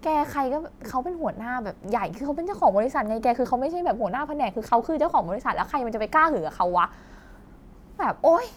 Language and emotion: Thai, frustrated